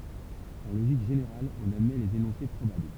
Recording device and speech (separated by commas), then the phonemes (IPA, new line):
temple vibration pickup, read sentence
ɑ̃ loʒik ʒeneʁal ɔ̃n admɛ lez enɔ̃se pʁobabl